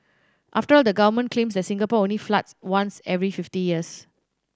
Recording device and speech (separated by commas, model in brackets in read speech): standing microphone (AKG C214), read sentence